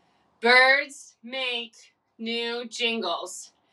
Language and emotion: English, sad